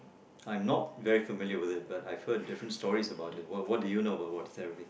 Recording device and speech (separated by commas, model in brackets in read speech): boundary microphone, conversation in the same room